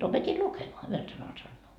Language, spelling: Finnish, opetin lukemaan yhdellä sanalla sanoo
- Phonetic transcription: 'opet́i "lukemoa , 'yhel sanal 'sannoo .

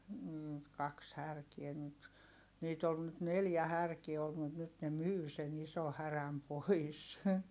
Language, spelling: Finnish, - kaksi härkää nyt niitä oli nyt neljä härkää ollut mutta nyt ne myi sen ison härän pois
- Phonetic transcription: nn kaks härkiɛ nyt , niit ‿ol nyt neljä härkie olt mut nyt ne myy sen ‿iso häräm pois .

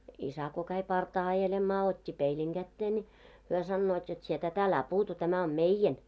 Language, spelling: Finnish, isä kun kävi partaa ajelemaan otti peilin käteen niin he sanovat jotta sinä tätä älä puutu tämä on meidän
- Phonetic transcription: 'isä ko käi 'partaa ajelemmaa ot́t́i "peiliŋ 'ɢättee ńi , 'hyö 'sannoot jot » sie "tä't ‿älä 'puutu tämä om "meijen « .

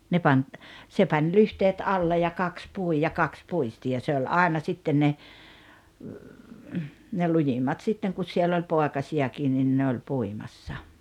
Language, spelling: Finnish, ne pani se pani lyhteet alle ja kaksi pui ja kaksi puisti ja se oli aina sitten ne ne lujimmat sitten kun siellä oli poikasiakin niin ne oli puimassa
- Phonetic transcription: 'ne pań , 'se pań 'lyhteet 'alle ja 'kaks 'pui ja 'kaks 'puisti ja 'se oĺ "àena 'sitten ne , ne 'lujimmat 'sitteŋ kus 'siell ‿oĺ "poekasi₍akiin nin 'ne oĺ "puimassa .

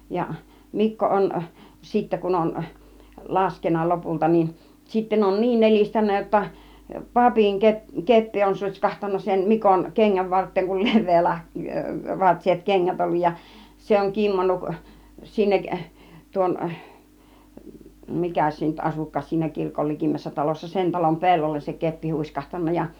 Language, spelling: Finnish, ja Mikko on sitten kun on laskenut lopulta niin sitten on niin nelistänyt jotta papin - keppi on sutskahtanut sen Mikon kengän varteen kun leveä - vartiset kengät ollut ja se on kimmonnut sinne tuon mikäs se nyt asuikaan siinä kirkon likimmässä talossa sen talon pellolle se keppi huiskahtanut ja
- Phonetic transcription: ja , 'Mikko 'on , 'sittä kun on , 'laskenna 'lopulta nin , 'sitten on "niin 'nel͕istännä jotta , 'papiŋ ke- , 'keppi on 'su(t́ś)kahtanna sem 'Mikoŋ 'keŋŋäv 'vart̆teeŋ kul 'lev̆vee lah- , -"vartiset "keŋŋät olluj ja , 'se oŋ 'kimmonnuk , 'sinnek , 'tuon , 'mikäs se nyt 'asuk̆kaas siinä 'kirkol 'likimmässä 'talossa , "sen talom 'pellolles se 'keppi 'hùiskahtanna ja .

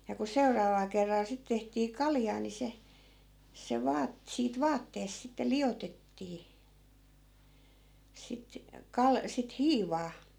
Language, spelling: Finnish, ja kun seuraavalla kerralla sitten tehtiin kaljaa niin se se - siitä vaatteessa sitten liotettiin sitten - sitten hiivaa
- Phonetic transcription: ja ku 'seuraaval kerral sit tehtii 'kaljaa ni 'se , 'se 'vaat- , siit 'vaatteesᵗ sitte "liʲotettii , sit , 'kal- , sit "hiivaa .

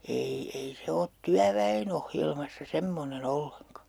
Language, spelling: Finnish, ei ei se ole työväen ohjelmassa semmoinen ollenkaan
- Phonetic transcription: 'ei , ei 'se ot "tyävä₍en ‿ohjelmassa 'semmone'n ‿olleŋka .

